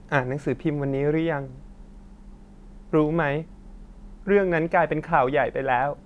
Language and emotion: Thai, sad